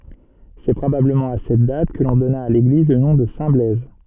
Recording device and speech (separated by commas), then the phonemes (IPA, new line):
soft in-ear microphone, read sentence
sɛ pʁobabləmɑ̃ a sɛt dat kə lɔ̃ dɔna a leɡliz lə nɔ̃ də sɛ̃tblɛz